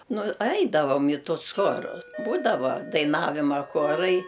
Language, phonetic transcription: Lithuanian, nu ˈaidavom i ˈtus ˈchoru ˈbūdavo daiˈnavima ˈchorai

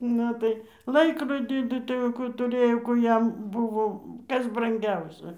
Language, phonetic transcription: Lithuanian, ˈnu tai ˈlaikrodį ˈtų tai jau ˈkų tuˈrɘjo ˈkųˈ jam ˈbuvo ˈkas branˈgiausia

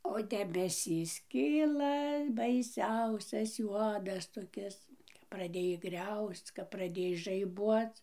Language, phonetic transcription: Lithuanian, o debeˈsys ˈkyla baiˈsiausias ˈjuodas toˈkis praˈdėj ˈgriausc kap praˈdėj žaiˈbuoc

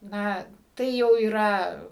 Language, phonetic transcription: Lithuanian, ˈna ˈtai jau yˈra

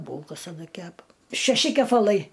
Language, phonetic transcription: Lithuanian, ˈbūlkas aˈna ˈkepa šeˈši kepaˈlai

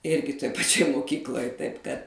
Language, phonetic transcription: Lithuanian, ˈirgi toj paˈčioj moˈkykloj taip kad

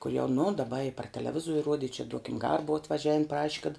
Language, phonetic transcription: Lithuanian, kol' jau nu daˈba i par teleˈvizuori ˈruodi i čia ˈduokim ˈgara ˈbuva atvaˈžiavin ˈpraši kad

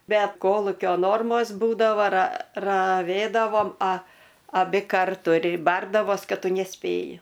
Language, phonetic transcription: Lithuanian, ˈbet ˈkolukio ˈnormos ˈbūdavo ra raˈvėdavom a aˈbi ˈkartu ir ˈbardavos ˈkad ˈtu neˈspėji

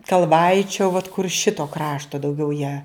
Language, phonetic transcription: Lithuanian, kalˈvaičio vat kur ˈšito ˈkrašto dauˈgiau ją

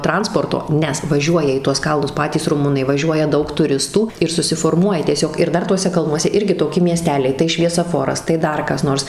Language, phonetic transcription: Lithuanian, ˈtransporto ˈnes vaˈžiuoja į tuos ˈkalnus ˈpatys ruˈmunai vaˈžiuoja ˈdaug tuˈristų ir susiforˈmuoja tieˈsiog ir ˈdar ˈtuose ˈkalnuose ˈirgi toˈki mieˈsteliai tai šviesaˈforas tai ˈdar kas ˈnors

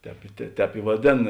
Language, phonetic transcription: Lithuanian, ˈtēp i te ˈtēp i vaˈdėn

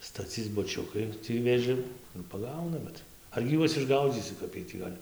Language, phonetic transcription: Lithuanian, staˈcyc buˈčiukai ˈtį vėˈžim ir paˈgauna ˈbet argi ˈjuos išˈgaudzysi ˈkap iej tį ˈgal'

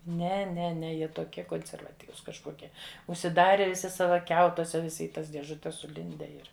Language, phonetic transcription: Lithuanian, ˈne ˈne ˈne ˈjie toˈkie konservaˈtyvus kažˈkokie užsiˈdare viˈsi ˈsava ˈkiautuose viˈsi i ˈtas diežuˈtes suˈlinde ˈir

